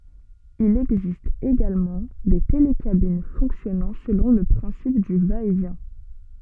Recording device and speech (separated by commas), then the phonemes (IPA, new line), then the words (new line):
soft in-ear microphone, read sentence
il ɛɡzist eɡalmɑ̃ de telekabin fɔ̃ksjɔnɑ̃ səlɔ̃ lə pʁɛ̃sip dy vaɛtvjɛ̃
Il existe également des télécabines fonctionnant selon le principe du va-et-vient.